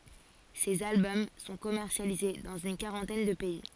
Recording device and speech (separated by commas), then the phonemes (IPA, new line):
forehead accelerometer, read sentence
sez albɔm sɔ̃ kɔmɛʁsjalize dɑ̃z yn kaʁɑ̃tɛn də pɛi